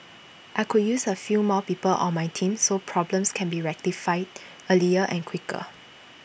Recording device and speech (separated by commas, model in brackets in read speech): boundary microphone (BM630), read sentence